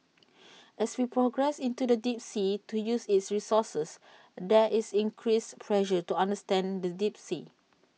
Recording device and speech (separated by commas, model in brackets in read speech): mobile phone (iPhone 6), read sentence